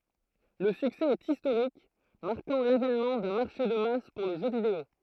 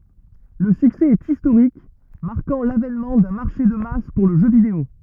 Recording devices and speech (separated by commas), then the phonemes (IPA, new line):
throat microphone, rigid in-ear microphone, read sentence
lə syksɛ ɛt istoʁik maʁkɑ̃ lavɛnmɑ̃ dœ̃ maʁʃe də mas puʁ lə ʒø video